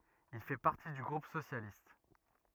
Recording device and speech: rigid in-ear microphone, read sentence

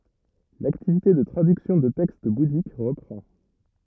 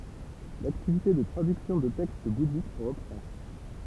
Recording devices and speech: rigid in-ear microphone, temple vibration pickup, read sentence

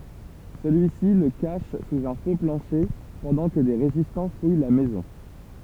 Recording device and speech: temple vibration pickup, read sentence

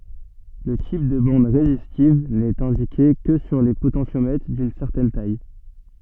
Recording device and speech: soft in-ear microphone, read sentence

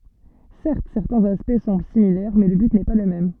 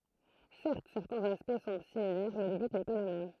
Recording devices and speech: soft in-ear microphone, throat microphone, read sentence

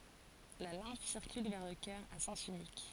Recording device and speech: forehead accelerometer, read sentence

